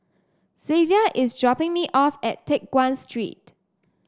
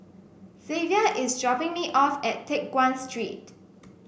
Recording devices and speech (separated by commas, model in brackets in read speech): standing microphone (AKG C214), boundary microphone (BM630), read sentence